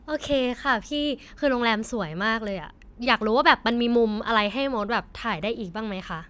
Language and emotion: Thai, happy